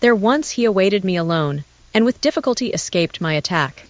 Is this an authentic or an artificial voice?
artificial